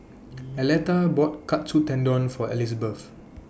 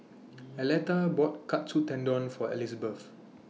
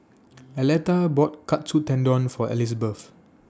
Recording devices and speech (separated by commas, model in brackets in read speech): boundary microphone (BM630), mobile phone (iPhone 6), standing microphone (AKG C214), read sentence